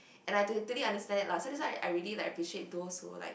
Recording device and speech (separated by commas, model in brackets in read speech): boundary microphone, conversation in the same room